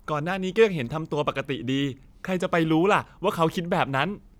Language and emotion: Thai, frustrated